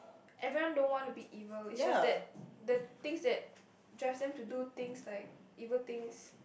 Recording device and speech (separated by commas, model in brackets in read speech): boundary microphone, conversation in the same room